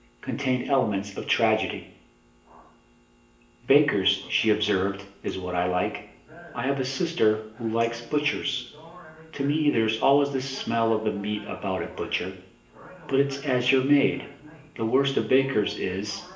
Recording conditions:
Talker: one person; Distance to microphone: 1.8 m; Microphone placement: close; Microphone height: 1.0 m; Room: large; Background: television

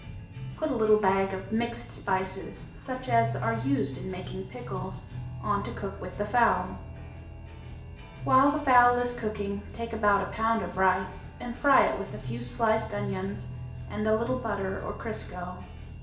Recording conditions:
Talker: one person; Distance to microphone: 1.8 m; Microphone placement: close; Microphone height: 1.0 m; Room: large; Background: music

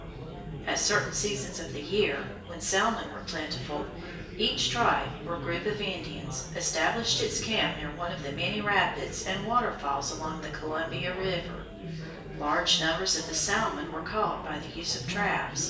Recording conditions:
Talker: one person; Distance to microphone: 1.8 m; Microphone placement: close; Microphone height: 1.0 m; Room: large; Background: babble

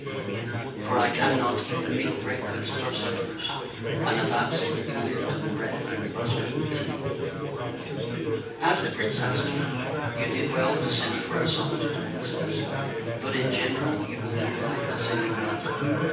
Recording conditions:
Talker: one person; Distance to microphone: 9.8 m; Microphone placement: far; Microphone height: 1.8 m; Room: large; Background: babble

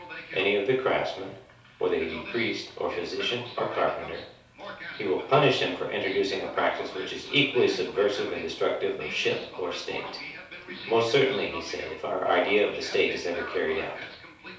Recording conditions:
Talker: one person; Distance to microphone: 3.0 m; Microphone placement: far; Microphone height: 1.8 m; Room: small (3.7 m by 2.7 m); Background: television

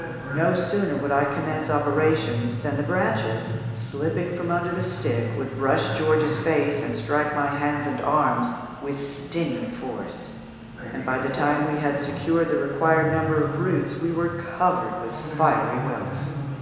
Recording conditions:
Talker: one person; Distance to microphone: 1.7 m; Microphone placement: close; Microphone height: 1.0 m; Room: very reverberant, large; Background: television

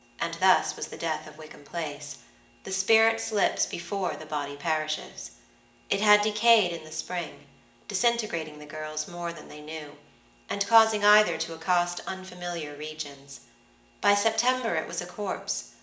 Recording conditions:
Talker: one person; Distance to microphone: 1.8 m; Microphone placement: close; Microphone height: 1.0 m; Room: large; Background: none

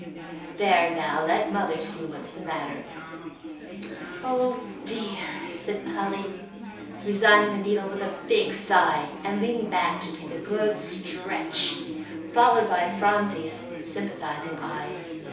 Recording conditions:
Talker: one person; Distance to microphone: 3.0 m; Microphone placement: far; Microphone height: 1.8 m; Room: small (3.7 m by 2.7 m); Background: babble

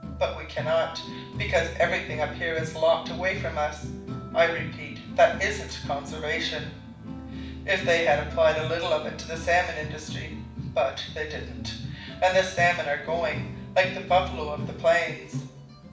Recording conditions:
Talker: one person; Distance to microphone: 5.8 m; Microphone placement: far; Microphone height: 1.8 m; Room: medium-sized (5.7 m by 4.0 m); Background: music

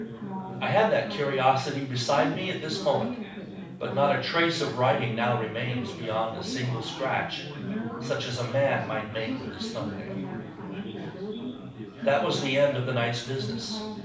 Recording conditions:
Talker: one person; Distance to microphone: 5.8 m; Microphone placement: far; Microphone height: 1.8 m; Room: medium-sized (5.7 m by 4.0 m); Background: babble

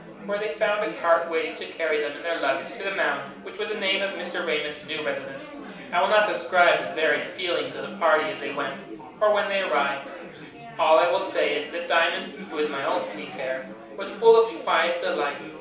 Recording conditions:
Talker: one person; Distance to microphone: 3.0 m; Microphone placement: far; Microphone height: 1.8 m; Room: small (3.7 m by 2.7 m); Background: babble

